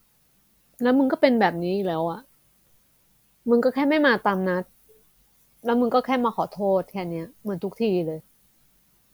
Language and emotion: Thai, frustrated